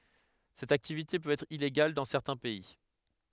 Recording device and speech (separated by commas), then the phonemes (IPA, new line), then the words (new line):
headset microphone, read sentence
sɛt aktivite pøt ɛtʁ ileɡal dɑ̃ sɛʁtɛ̃ pɛi
Cette activité peut être illégale dans certains pays.